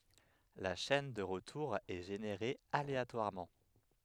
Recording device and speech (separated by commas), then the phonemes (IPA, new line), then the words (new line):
headset microphone, read sentence
la ʃɛn də ʁətuʁ ɛ ʒeneʁe aleatwaʁmɑ̃
La chaîne de retour est générée aléatoirement.